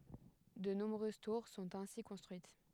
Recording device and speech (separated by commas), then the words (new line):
headset microphone, read sentence
De nombreuses tours sont ainsi construites.